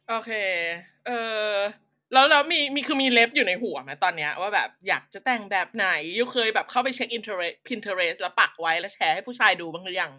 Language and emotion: Thai, happy